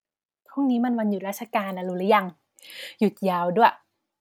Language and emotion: Thai, happy